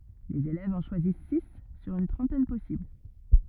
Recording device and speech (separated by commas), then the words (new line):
rigid in-ear microphone, read sentence
Les élèves en choisissent six sur une trentaine possibles.